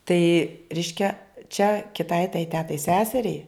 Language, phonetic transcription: Lithuanian, tai ˈreiškia čia kiˈtai tai ˈtetai ˈseseriai

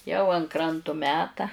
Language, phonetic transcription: Lithuanian, jau an ˈkrantu ˈmeta

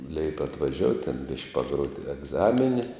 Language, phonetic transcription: Lithuanian, leip' atvaˈžiout' ten ˈbišk' paˈgrot egˈzamini

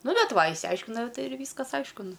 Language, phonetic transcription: Lithuanian, ˈnu ˈbet ˈva išsiˈaiškinau ˈtai ir ˈvyskas ˈaišku ˈnu

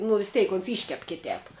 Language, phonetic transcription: Lithuanian, nu vis ˈteik ons ˈyškep ˈkitēp

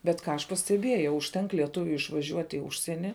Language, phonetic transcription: Lithuanian, bet ˈką aš pasteˈbiejau užˈtenk lieˈtuviui išvaˈžiuot' i ˈužsieni

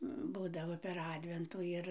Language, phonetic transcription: Lithuanian, ˈbūdavo per ˈadventų ˈir

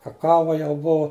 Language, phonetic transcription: Lithuanian, kaˈkava jau ˈbuvo

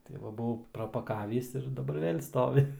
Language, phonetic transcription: Lithuanian, tai ˈva būˈvau prapaˈkavįs ir daˈbar ˈvėl' ˈstovi

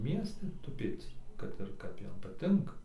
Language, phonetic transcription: Lithuanian, ˈmiesti tuˈpėc kad ir ˈkap ˈjam paˈtinka

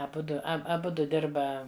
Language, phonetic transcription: Lithuanian, aˈbudu ˈa aˈbudu ˈdirba

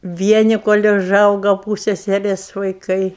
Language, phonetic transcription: Lithuanian, ˈvieni kol' uˈžauga ˈpūseserės vaiˈkai

